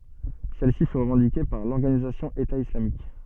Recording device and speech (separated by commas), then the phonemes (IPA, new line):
soft in-ear microphone, read sentence
sɛl si fy ʁəvɑ̃dike paʁ lɔʁɡanizasjɔ̃ eta islamik